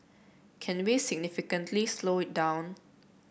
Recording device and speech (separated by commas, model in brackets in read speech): boundary microphone (BM630), read sentence